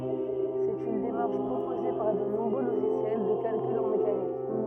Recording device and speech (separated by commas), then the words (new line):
rigid in-ear microphone, read sentence
C'est une démarche proposée par de nombreux logiciels de calcul en mécanique.